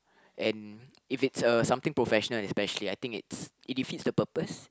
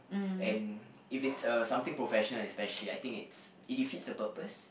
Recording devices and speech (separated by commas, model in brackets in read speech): close-talking microphone, boundary microphone, conversation in the same room